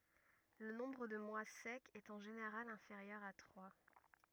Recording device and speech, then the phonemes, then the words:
rigid in-ear microphone, read sentence
lə nɔ̃bʁ də mwa sɛkz ɛt ɑ̃ ʒeneʁal ɛ̃feʁjœʁ a tʁwa
Le nombre de mois secs est en général inférieur à trois.

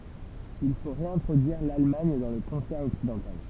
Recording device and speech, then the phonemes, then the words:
temple vibration pickup, read sentence
il fo ʁeɛ̃tʁodyiʁ lalmaɲ dɑ̃ lə kɔ̃sɛʁ ɔksidɑ̃tal
Il faut réintroduire l’Allemagne dans le concert occidental.

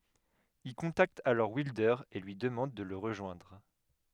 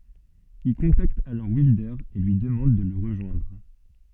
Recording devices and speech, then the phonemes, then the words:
headset microphone, soft in-ear microphone, read sentence
il kɔ̃takt alɔʁ wildœʁ e lyi dəmɑ̃d də lə ʁəʒwɛ̃dʁ
Il contacte alors Wilder et lui demande de le rejoindre.

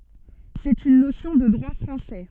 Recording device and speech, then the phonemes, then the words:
soft in-ear microphone, read sentence
sɛt yn nosjɔ̃ də dʁwa fʁɑ̃sɛ
C'est une notion de droit français.

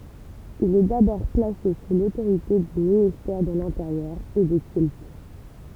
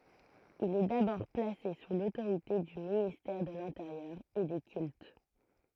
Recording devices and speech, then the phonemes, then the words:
temple vibration pickup, throat microphone, read sentence
il ɛ dabɔʁ plase su lotoʁite dy ministɛʁ də lɛ̃teʁjœʁ e de kylt
Il est d'abord placé sous l'autorité du ministère de l'Intérieur et des Cultes.

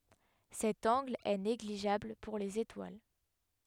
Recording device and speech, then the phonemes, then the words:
headset microphone, read sentence
sɛt ɑ̃ɡl ɛ neɡliʒabl puʁ lez etwal
Cet angle est négligeable pour les étoiles.

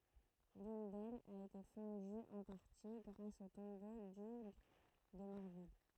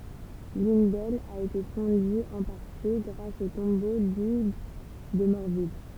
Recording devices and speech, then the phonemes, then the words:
throat microphone, temple vibration pickup, read sentence
lyn dɛlz a ete fɔ̃dy ɑ̃ paʁti ɡʁas o tɔ̃bo dyɡ də mɔʁvil
L'une d'elles a été fondue en partie grâce au tombeau d'Hugues de Morville.

